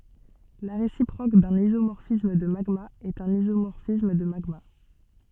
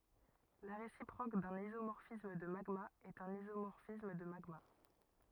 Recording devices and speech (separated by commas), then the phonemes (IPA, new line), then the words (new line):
soft in-ear microphone, rigid in-ear microphone, read sentence
la ʁesipʁok dœ̃n izomɔʁfism də maɡmaz ɛt œ̃n izomɔʁfism də maɡma
La réciproque d'un isomorphisme de magmas est un isomorphisme de magmas.